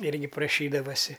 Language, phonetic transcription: Lithuanian, ˈirgi praˈšydavasi

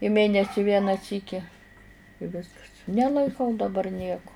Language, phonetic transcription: Lithuanian, i ˈmėnesi ˈvieną ˈsyki i ˈviskas nelaiˈkau daˈbar ˈnieku

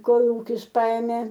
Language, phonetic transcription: Lithuanian, ˈkolūkis ˈpaemė

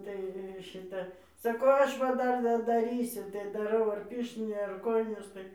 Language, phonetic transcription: Lithuanian, tai ˈšita saˈkau ˈaš va ˈdar dadaˈrysiu tai daˈrau ar ˈpirštinė ar ˈkojinės tai

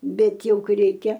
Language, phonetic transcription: Lithuanian, ˈbet ˈjau ˈkai ˈreikia

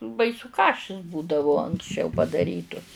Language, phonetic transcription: Lithuanian, ˈbaisu ˈkašis ˈbūdavu anksˈčiau padaˈrytus

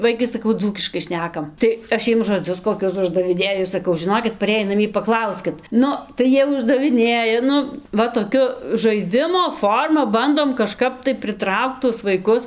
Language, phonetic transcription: Lithuanian, ˈvaikai saˈkau ˈdzūkiškai ˈšnekam tai ˈaš ˈjiem žoˈdzius koˈkius uždaviˈnėju saˈkau žiˈnokit paˈrėjį naˈmie paˈklauskit ˈnu tai ˈjie uždaviˈnėja ˈnu ˈva toˈkiu žaiˈdimo ˈforma ˈbandom kaˈžkap tai priˈtraukt tuos vaiˈkus

